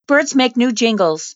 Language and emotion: English, surprised